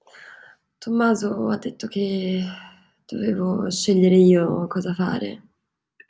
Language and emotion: Italian, sad